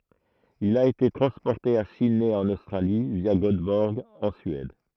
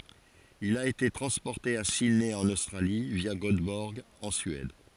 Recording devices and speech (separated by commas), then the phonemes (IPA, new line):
throat microphone, forehead accelerometer, read sentence
il a ete tʁɑ̃spɔʁte a sidnɛ ɑ̃n ostʁali vja ɡotbɔʁɡ ɑ̃ syɛd